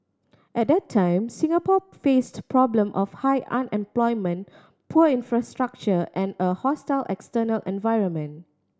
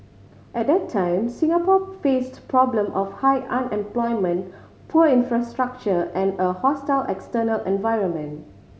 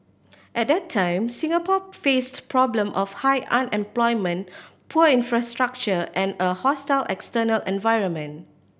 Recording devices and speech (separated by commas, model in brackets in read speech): standing microphone (AKG C214), mobile phone (Samsung C5010), boundary microphone (BM630), read sentence